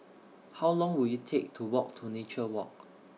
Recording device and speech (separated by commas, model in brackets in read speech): mobile phone (iPhone 6), read sentence